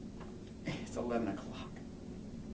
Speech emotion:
neutral